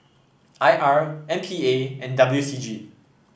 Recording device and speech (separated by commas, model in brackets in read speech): boundary microphone (BM630), read sentence